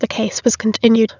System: TTS, waveform concatenation